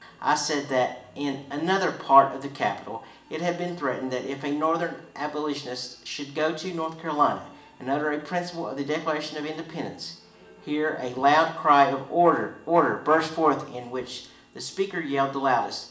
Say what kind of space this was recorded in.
A large space.